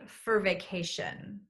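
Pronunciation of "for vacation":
In 'for vacation', 'for' is reduced and sounds like 'fur', not the full 'for'.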